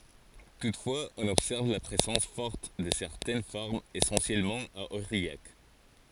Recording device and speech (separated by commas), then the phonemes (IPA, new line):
forehead accelerometer, read sentence
tutfwaz ɔ̃n ɔbsɛʁv la pʁezɑ̃s fɔʁt də sɛʁtɛn fɔʁmz esɑ̃sjɛlmɑ̃ a oʁijak